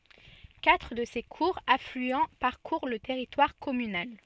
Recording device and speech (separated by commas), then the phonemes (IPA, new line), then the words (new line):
soft in-ear microphone, read sentence
katʁ də se kuʁz aflyɑ̃ paʁkuʁ lə tɛʁitwaʁ kɔmynal
Quatre de ses courts affluents parcourent le territoire communal.